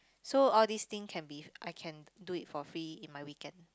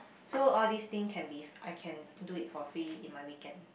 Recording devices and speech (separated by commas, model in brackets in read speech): close-talking microphone, boundary microphone, conversation in the same room